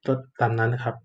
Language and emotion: Thai, neutral